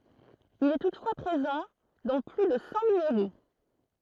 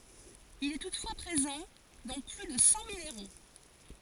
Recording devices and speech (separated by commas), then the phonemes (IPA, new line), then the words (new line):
throat microphone, forehead accelerometer, read sentence
il ɛ tutfwa pʁezɑ̃ dɑ̃ ply də sɑ̃ mineʁo
Il est toutefois présent dans plus de cent minéraux.